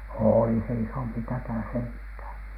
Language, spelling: Finnish, oli se isompi tätä sentään
- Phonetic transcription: ooli se isompi tätä 'senthä̀n .

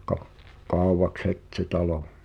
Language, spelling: Finnish, - kauaksi heti se talo
- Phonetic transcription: ka- , "kàuvaks 'het se 'talo .

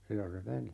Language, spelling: Finnish, silloin se meni
- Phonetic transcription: 'sillon se "meni .

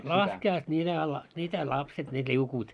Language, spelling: Finnish, laskiaista niitähän - sitä lapset ne liukuivat
- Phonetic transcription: 'laski₍aist 'niitähäl la- , 'sitä "lapset ne 'ĺiukuit .

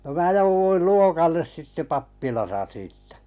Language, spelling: Finnish, no minä jouduin luokalle sitten pappilassa siitä
- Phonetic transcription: no 'mää 'jouvuil "luokalles sitte 'pappilasa 'siittᴀ̈ .

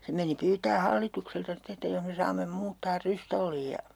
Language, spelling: Finnish, se meni pyytämään hallitukselta sitten että jos me saamme muuttaa Rystolliin ja
- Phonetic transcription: 'se meni 'pyytää "hallitukselta ste että joh me 'saammem 'muuttaar "Rystolliij ja ,.

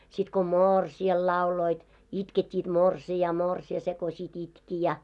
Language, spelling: Finnish, sitten kun morsiamelle lauloivat itkettivät morsianta morsian se kun sitten itki ja
- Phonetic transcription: sit ko "moorsi₍al 'lauloit , 'itket́t́iit 'morsi₍aa , 'morsi₍a se ko si't ‿itki ja .

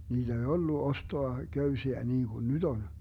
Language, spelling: Finnish, niitä ei ollut ostaa köysiä niin kuin nyt on
- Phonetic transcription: niiD ‿ei "ollu 'ostoa 'köysiä niiŋGun 'nyt ‿on .

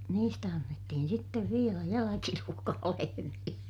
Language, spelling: Finnish, niistä annettiin sitten vielä jälkiruokaa lehmille
- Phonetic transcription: niistä annettihin sittev vielä jäläkiruokaa lehemil(le) .

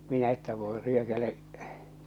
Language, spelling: Finnish, minä että voi ryökäle
- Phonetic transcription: minä että 'vòḙ 'ryökäle !

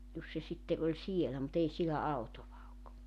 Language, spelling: Finnish, jos se sitten oli siellä mutta ei siellä autoa ole
- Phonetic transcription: jos se sitte oĺ 'sielä mu't ‿ei sielä "autova ok .

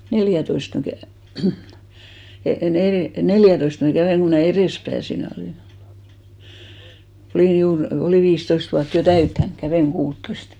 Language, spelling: Finnish, neljäätoista minä kävin - neljäätoista minä kävin kun minä edespääsin minä olin olin juuri olin viisitoista vuotta jo täyttänyt kävin kuuttatoista
- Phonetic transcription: 'neljä̀toist mä 'kä(ve) , ne- , 'neljä̀toist mä 'käveiŋ ko mnä̀ "erèspääsi mnä̀ 'olìn , 'olìn̬ juur , 'olì 'viistoist vuat jo "täyttän , käveiŋ 'kuuttoist .

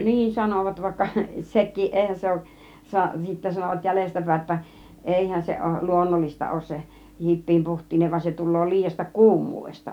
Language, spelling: Finnish, niin sanoivat vaikka sekin eihän se ole se sitten sanoivat jäljestäpäin jotta eihän se ole luonnollista ole se hipiän puhtiainen vaan se tulee liiasta kuumuudesta
- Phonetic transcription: 'niin 'sanòvat , vaikka "sekkiiˀ 'ˀèihän 'se òˀ , 'se sittä 'sanovat "jälestäpä̀i ətta , "ˀèihän se òˀ , 'luonnollista 'òᵘs se , 'hip̆piim 'puht̆tiineˀ va se 'tulloo 'liijasta "ku̬um̀uuvesta .

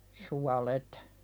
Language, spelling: Finnish, suolet
- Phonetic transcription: sualet .

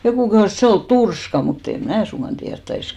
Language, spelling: Finnish, joku kehui että se oli turskaa mutta en minä suinkaan tiedä taisi kyllä olla
- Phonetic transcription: 'jokù 'kehùs ‿et 'se ol "turska mu't ‿em "mää suŋɢan tiärt tais 'kyl ‿ol .

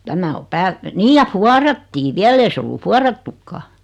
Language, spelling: Finnish, tämä on päältä niin ja vuorattiin vielä ei se ollut vuorattukaan
- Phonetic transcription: 'tämä o 'päält- , 'niij ja "fuarattii 'viäl 'ei se ollu "fuarattukkaa .

